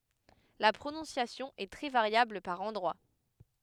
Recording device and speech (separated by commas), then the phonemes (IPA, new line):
headset microphone, read sentence
la pʁonɔ̃sjasjɔ̃ ɛ tʁɛ vaʁjabl paʁ ɑ̃dʁwa